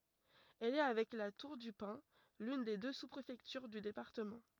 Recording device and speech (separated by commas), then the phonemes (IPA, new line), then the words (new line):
rigid in-ear microphone, read sentence
ɛl ɛ avɛk la tuʁ dy pɛ̃ lyn de dø su pʁefɛktyʁ dy depaʁtəmɑ̃
Elle est avec La Tour-du-Pin, l'une des deux sous-préfectures du département.